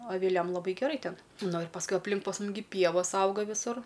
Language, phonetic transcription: Lithuanian, aviˈliam laˈbai geˈrai ˈten nu ir pasˈkui apˈlink pas ˈmum gi ˈpievos ˈauga viˈsur

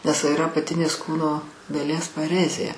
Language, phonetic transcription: Lithuanian, nes iˈra apaˈtinės ˈkūno daˈlies paˈrezė

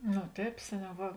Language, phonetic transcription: Lithuanian, no ˈtēp ˈseˌniau ˈva

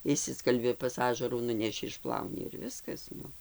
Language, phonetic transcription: Lithuanian, išˈsiskalbi pas ˈažarų ˈnuneši išˈplauni ir ˈviskas ˈnu

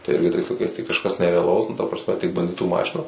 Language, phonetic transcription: Lithuanian, tai ˈirgi tais laiˈkais tai kažˈkas nereaˈlaus nu ta prasˈme tik banˈditų ˈmašina

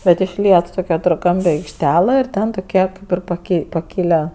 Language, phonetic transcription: Lithuanian, bet išˈliet ˈtok' ketorˈkampe aikšˈtela ir ˈte tuˈkie ˈkaip ir paˈkei pakiˈla

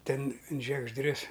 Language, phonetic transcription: Lithuanian, ˈten in žiegžˈdrius

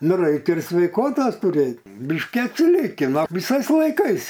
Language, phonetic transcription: Lithuanian, ˈnu ˈraikia ir sveiˈkotos tuˈrėt ˈbiški atsiˈliki ˈnu viˈsais laiˈkais

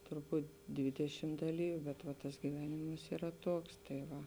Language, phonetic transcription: Lithuanian, turˈbūt ˈdvidešim daˈlyviu bet va tas giˈvenimas yˈra ˈtoks tai ˈva

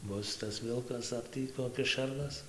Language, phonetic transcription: Lithuanian, ˈbus tas ˈvilkas ar ˈtį koˈkis ˈšernas

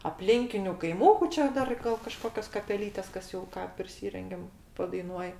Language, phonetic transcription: Lithuanian, apˈlinkiniu kaiˈmūku ˈčia ˈdar gal kaˈžkokios kapeˈlytės ˈkas jau ˈką priˈsyrengiam padaiˈnuoj

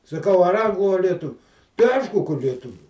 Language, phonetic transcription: Lithuanian, saˈkau ar ˈanglu a lieˈtuviu tai ˈaišku ka lieˈtuvių

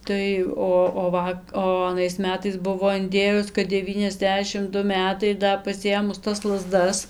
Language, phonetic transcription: Lithuanian, ˈtai ˈo o ˈva o aˈnais ˈmetais ˈbuvo inˈdėjus kad deˈvyniasˌdešim ˈdu ˈmetai ir ˈda pasiˈėmus tas laˈzdas

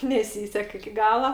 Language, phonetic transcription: Lithuanian, neˈsysek iki ˈgala

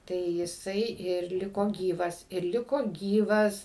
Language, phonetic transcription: Lithuanian, tai jiˈsai ir ˈliko ˈgyvas ir ˈliko ˈgyvas

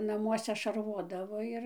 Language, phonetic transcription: Lithuanian, naˈmuose šaˈrvodavo ˈir

